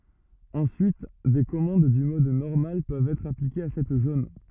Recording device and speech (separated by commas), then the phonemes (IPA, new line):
rigid in-ear microphone, read sentence
ɑ̃syit de kɔmɑ̃d dy mɔd nɔʁmal pøvt ɛtʁ aplikez a sɛt zon